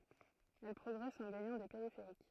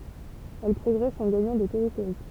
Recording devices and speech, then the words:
throat microphone, temple vibration pickup, read sentence
Elles progressent en gagnant des périphériques.

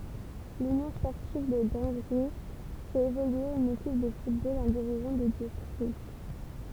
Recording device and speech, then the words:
temple vibration pickup, read sentence
L'Union sportive de Dangy fait évoluer une équipe de football en division de district.

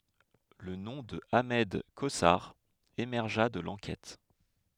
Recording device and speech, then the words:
headset microphone, read sentence
Le nom de Ahmed Cosar émergea de l'enquête.

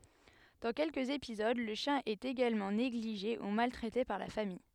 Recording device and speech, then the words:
headset microphone, read sentence
Dans quelques épisodes, le chien est également négligé ou maltraité par la famille.

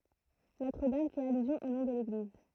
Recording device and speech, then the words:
throat microphone, read sentence
Notre-Dame fait allusion au nom de l'église.

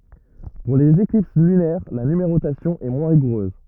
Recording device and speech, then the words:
rigid in-ear microphone, read sentence
Pour les éclipses lunaires, la numérotation est moins rigoureuse.

